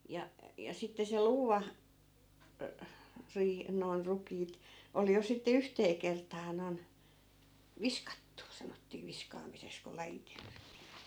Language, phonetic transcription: Finnish, ja , ja sitte se 'luuva , ö- , riih- , noi̮n , 'rukiit , 'ol jo sitte 'yhtee kertaa noi̮n , "viskattu , 'sanottii 'viskaamises kul 'lajitel(tii) .
- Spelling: ja ja sitten se luuva - - noin rukiit oli jo sitten yhteen kertaan noin viskattu sanottiin viskaamiseksi kun lajiteltiin

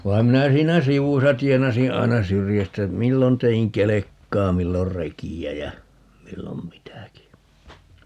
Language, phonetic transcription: Finnish, 'vai̮m 'minä 'siinä "sivusa 'tienasiḭ 'ai̮na "syrjästä , 'millon 'te₍iŋ "kelekkaa 'millor "reki₍ä jä , 'millom "mitäki .
- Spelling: vaan minä siinä sivussa tienasin aina syrjästä milloin tein kelkkaa milloin rekeä ja milloin mitäkin

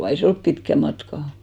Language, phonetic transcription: Finnish, 'ei 'se olp 'pitkä 'matka .
- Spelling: ei se ole pitkä matka

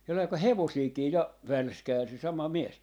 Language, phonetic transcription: Finnish, 'sellai ko "hevosiikii 'ja , "välskäil se 'sama "mies .
- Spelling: sellainen kun hevosiakin ja välskäili se sama mies

